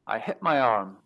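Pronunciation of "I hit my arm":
This is an incorrect way of saying 'I hurt my arm': the phoneme in 'hurt' is not said correctly.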